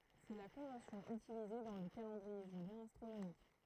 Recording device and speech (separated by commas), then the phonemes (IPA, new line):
throat microphone, read sentence
sɛ la kɔ̃vɑ̃sjɔ̃ ytilize dɑ̃ lə kalɑ̃dʁie ʒyljɛ̃ astʁonomik